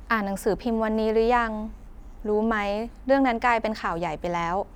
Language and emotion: Thai, neutral